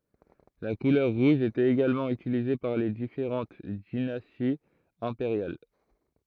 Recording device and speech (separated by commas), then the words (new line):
throat microphone, read sentence
La couleur rouge était également utilisée par les différentes dynasties impériales.